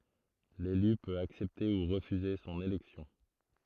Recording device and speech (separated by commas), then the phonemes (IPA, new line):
throat microphone, read sentence
lely pøt aksɛpte u ʁəfyze sɔ̃n elɛksjɔ̃